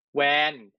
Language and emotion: Thai, neutral